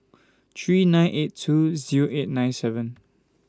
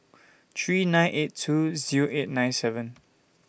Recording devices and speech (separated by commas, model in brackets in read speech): standing microphone (AKG C214), boundary microphone (BM630), read sentence